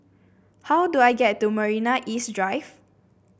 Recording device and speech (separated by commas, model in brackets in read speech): boundary microphone (BM630), read sentence